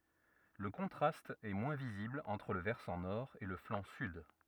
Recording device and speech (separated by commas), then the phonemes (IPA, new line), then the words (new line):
rigid in-ear microphone, read sentence
lə kɔ̃tʁast ɛ mwɛ̃ vizibl ɑ̃tʁ lə vɛʁsɑ̃ nɔʁ e lə flɑ̃ syd
Le contraste est moins visible entre le versant nord et le flanc sud.